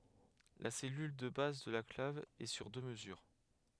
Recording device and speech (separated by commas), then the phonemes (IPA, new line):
headset microphone, read sentence
la sɛlyl də baz də la klav ɛ syʁ dø məzyʁ